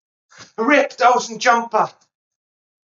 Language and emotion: English, fearful